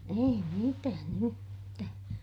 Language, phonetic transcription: Finnish, ei mitään ‿yhtää .
- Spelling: ei mitään yhtään

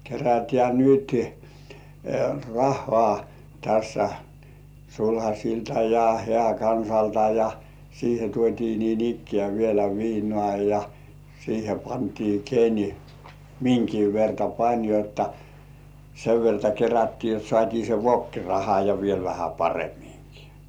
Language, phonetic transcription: Finnish, kerätĕä̀ "nyt , "rahhŏà tässä , "sulhaśilta ja 'hĕä̀§'kansalta « ja , siihe tuot́ii niin'ikkĕä̀ vielä 'viinŏà ja , siihe pantii 'ken , miŋkiv verta 'pań jotta sev verta 'kerättii jot 'sŏàt́ii se "vokkiraha ja viel vähä 'paremiŋkɪ .
- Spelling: kerätään nyt rahaa tässä sulhasilta ja hääkansalta ja siihen tuotiin niin ikään vielä viinaa ja siihen pantiin ken minkäkin verran pani jotta sen verta kerättiin jotta saatiin se vokkiraha ja vielä vähän paremminkin

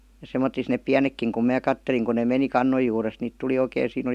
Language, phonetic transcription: Finnish, ja 'semmot̆tis neep "piänekkiŋ kum 'mää "katteliŋ kun ne 'meni "kannoj juurest niit tuli 'oikèⁱ 'siin ‿oˡi !
- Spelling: ja semmottoon ne pienetkin kun minä katselin kun ne meni kannon juuresta niitä tuli oikein siinä oli

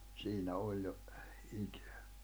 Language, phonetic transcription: Finnish, 'siinä 'òĺ jo , 'ikᴇᴀ̈ .
- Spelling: siinä oli jo ikää

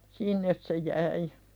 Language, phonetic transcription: Finnish, sìnnes se 'jäi .
- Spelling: sinne se jäi

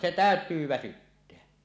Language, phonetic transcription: Finnish, 'se "tä̀öt̀yy 'väsytteä .
- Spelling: se täytyy väsyttää

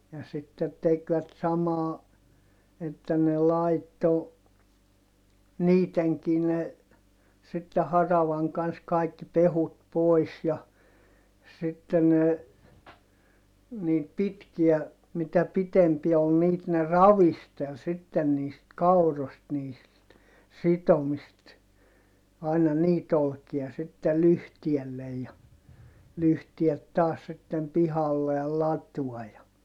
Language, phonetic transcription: Finnish, ja sitte tekvät samaa , että ne laitto , niiteŋki ne , sitte haravaŋ kans kaikki pehut pois ja , sitte ne , niit pitkiä , mitä pitempiä ol niit ne ravistel sitten niist kaurost niist , sitomist , aina niit ‿olkia sitte lyhtiellej ja , lyhtiet taas sittem pihalle (ja) latua ja , .
- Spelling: ja sitten tekivät samaa että ne laittoi niidenkin ne sitten haravan kanssa kaikki pehkut pois ja sitten ne niitä pitkiä mitä pitempiä oli niitä ne ravisteli sitten niistä kauroista niistä sitomista aina niitä olkia sitten lyhteelle ja lyhteet taas sitten pihalle ja latoon ja

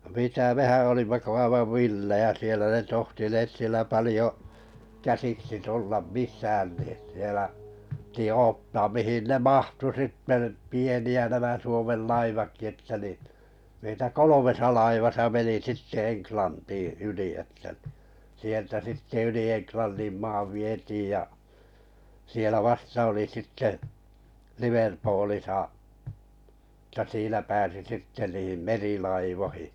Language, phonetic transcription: Finnish, mitä 'mehän̬ olimma ko 'aivav "villejä 'sielä ne 'tohtineet sielä 'palⁱjo , 'käsiksi 'tullam mis̀ään ni , sielä , pⁱti 'oottaam 'mihin 'ne "mahtu sitte -tə pieni₍ä nämä 'Suomel 'laivakki että nin̬ , 'meitä "kolomesa laivasa meni "sitte 'Eŋklantii 'yli että ɴɪ , sieltä 'sitte 'yli "Enklannḭm 'maav 'vietiij ja , sielä 'vasta oli sitte , 'Liverpoolisa ᵊtä 'siinä pääsi 'sitte niim "merilaivohɪ .
- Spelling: mitä mehän olimme kuin aivan villejä siellä ne tohtineet siellä paljon käsiksi tulla missään niin siellä piti odottaa mihin ne mahtui sitten että pieniä nämä Suomen laivatkin että niin meitä kolmessa laivassa meni sitten Englantiin yli että niin sieltä sitten yli Englannin maan vietiin ja siellä vasta oli sitten Liverpoolissa että siinä pääsi sitten niin merilaivoihin

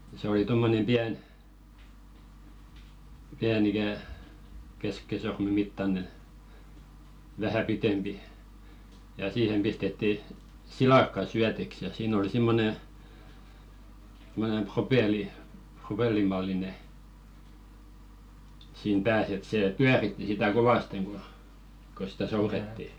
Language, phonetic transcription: Finnish, se oli 'tommonem "piän , piän ‿ikä̀ , 'keskisorme mittane , vähä 'pitempi , ja 'siihem pistetti , "silakka 'syätiks ja siin ‿oli 'simmone , [sim]monem 'propeli- , 'propellim malline , siin 'pääs et sè "pyäritti 'sitä "kovasteŋ ku , ko sitä 'souretti .
- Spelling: se oli tuommoinen pieni pieni ikään keskisormen mittainen vähän pitempi ja siihen pistettiin silakka syötiksi ja siinä oli semmoinen semmoinen - propellin mallinen siinä päässä että se pyöritti sitä kovasti kun kun sitä soudettiin

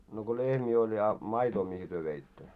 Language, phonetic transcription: Finnish, no ko 'lehmii oĺ ja , 'maitoo mihi työ 'veittö ?
- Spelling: no kun lehmiä oli ja maitoa mihin te veitte

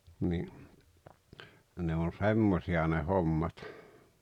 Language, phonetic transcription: Finnish, ni , ne on "semmosi₍a ne 'hommat .
- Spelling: niin ne on semmoisia ne hommat

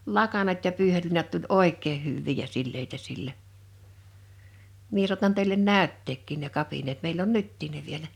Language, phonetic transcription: Finnish, 'lakanat ja 'pyyhelliinat tuĺ "òek̆kee 'hyvvii ja 'silleitä 'sillä , 'mie suatan tèilen "nä̀ytteekkìn ne 'kapineet 'meil ‿on "nyttiin ne 'vielä .
- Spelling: lakanat ja pyyheliinat tuli oikein hyviä ja sileitä sillä minä saatan teille näyttääkin ne kapineet meillä on nytkin ne vielä

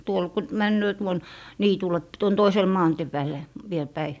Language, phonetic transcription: Finnish, 'tuol ku 'männöö tuon , "niitul̀e p- , tuon 'toisel "maantⁱe pääl̀e , viel päi .
- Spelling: tuolla kun menee tuonne niitylle - tuon toiselle maantien päälle vielä päin

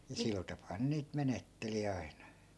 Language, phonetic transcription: Finnish, ja 'sil tapaa 'ne niit "menetteli 'ai̮na .
- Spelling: ja sillä tapaa ne niitä menetteli aina

